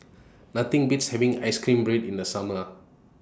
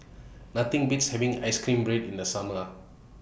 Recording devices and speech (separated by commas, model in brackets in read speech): standing microphone (AKG C214), boundary microphone (BM630), read sentence